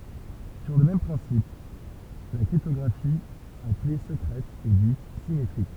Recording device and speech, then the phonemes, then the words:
temple vibration pickup, read sentence
syʁ lə mɛm pʁɛ̃sip la kʁiptɔɡʁafi a kle səkʁɛt ɛ dit simetʁik
Sur le même principe, la cryptographie à clé secrète est dite symétrique.

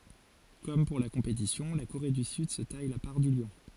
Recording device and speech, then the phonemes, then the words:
forehead accelerometer, read sentence
kɔm puʁ la kɔ̃petisjɔ̃ la koʁe dy syd sə taj la paʁ dy ljɔ̃
Comme pour la compétition, la Corée du Sud se taille la part du lion.

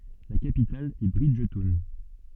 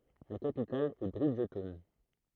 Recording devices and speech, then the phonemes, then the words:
soft in-ear microphone, throat microphone, read sentence
la kapital ɛ bʁidʒtɔwn
La capitale est Bridgetown.

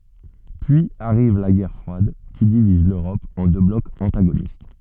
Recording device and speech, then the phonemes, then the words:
soft in-ear microphone, read sentence
pyiz aʁiv la ɡɛʁ fʁwad ki diviz løʁɔp ɑ̃ dø blɔkz ɑ̃taɡonist
Puis arrive la guerre froide, qui divise l’Europe en deux blocs antagonistes.

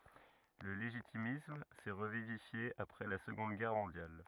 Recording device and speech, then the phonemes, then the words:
rigid in-ear microphone, read sentence
lə leʒitimism sɛ ʁəvivifje apʁɛ la səɡɔ̃d ɡɛʁ mɔ̃djal
Le légitimisme s'est revivifié après la Seconde Guerre mondiale.

